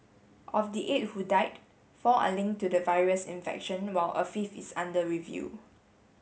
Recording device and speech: mobile phone (Samsung S8), read sentence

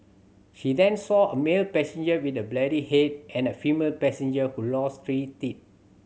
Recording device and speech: mobile phone (Samsung C7100), read sentence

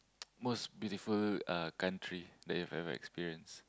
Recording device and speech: close-talking microphone, conversation in the same room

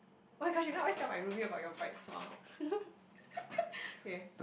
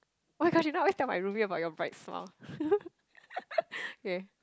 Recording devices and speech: boundary microphone, close-talking microphone, conversation in the same room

